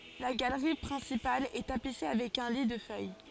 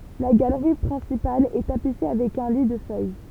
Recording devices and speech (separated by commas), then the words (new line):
forehead accelerometer, temple vibration pickup, read sentence
La galerie principale est tapissée avec un lit de feuilles.